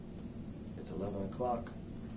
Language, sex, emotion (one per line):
English
male
neutral